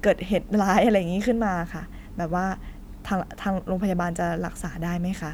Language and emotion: Thai, sad